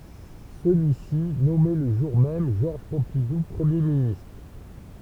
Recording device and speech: temple vibration pickup, read sentence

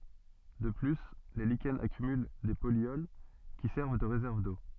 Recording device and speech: soft in-ear microphone, read sentence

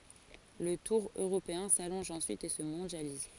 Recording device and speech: forehead accelerometer, read sentence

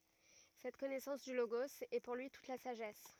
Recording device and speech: rigid in-ear microphone, read sentence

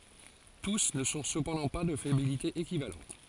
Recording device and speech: forehead accelerometer, read sentence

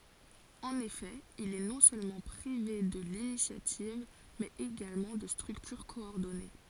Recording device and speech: forehead accelerometer, read sentence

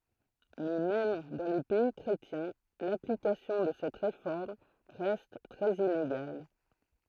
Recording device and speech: throat microphone, read sentence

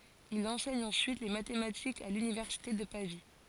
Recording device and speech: forehead accelerometer, read sentence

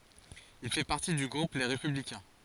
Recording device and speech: forehead accelerometer, read sentence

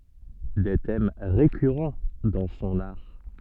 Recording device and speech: soft in-ear microphone, read sentence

